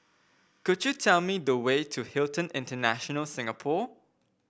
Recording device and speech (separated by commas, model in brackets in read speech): boundary microphone (BM630), read sentence